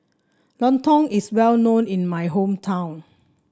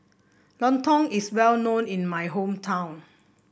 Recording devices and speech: standing microphone (AKG C214), boundary microphone (BM630), read sentence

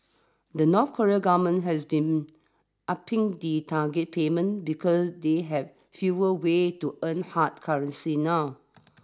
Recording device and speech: standing microphone (AKG C214), read sentence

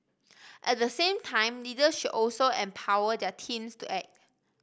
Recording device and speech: boundary microphone (BM630), read sentence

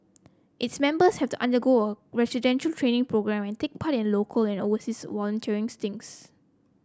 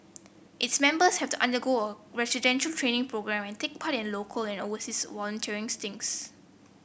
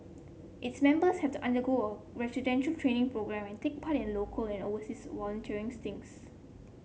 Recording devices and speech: close-talking microphone (WH30), boundary microphone (BM630), mobile phone (Samsung C7), read sentence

